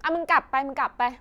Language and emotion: Thai, angry